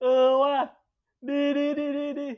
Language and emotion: Thai, happy